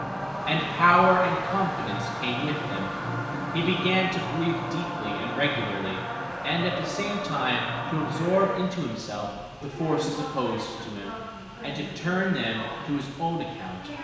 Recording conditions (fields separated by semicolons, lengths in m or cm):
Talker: one person; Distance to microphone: 1.7 m; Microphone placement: close; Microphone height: 1.0 m; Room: very reverberant, large; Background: television